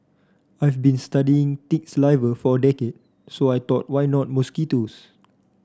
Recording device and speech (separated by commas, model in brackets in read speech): standing microphone (AKG C214), read sentence